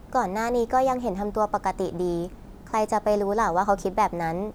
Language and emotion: Thai, neutral